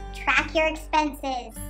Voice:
high voice